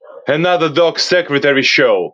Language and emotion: English, happy